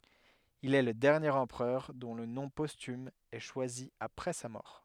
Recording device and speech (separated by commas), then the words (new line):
headset microphone, read sentence
Il est le dernier empereur dont le nom posthume est choisi après sa mort.